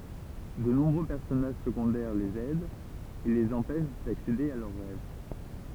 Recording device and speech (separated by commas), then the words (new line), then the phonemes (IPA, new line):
temple vibration pickup, read sentence
De nombreux personnages secondaires les aident et les empêchent d'accéder à leurs rêves.
də nɔ̃bʁø pɛʁsɔnaʒ səɡɔ̃dɛʁ lez ɛdt e lez ɑ̃pɛʃ daksede a lœʁ ʁɛv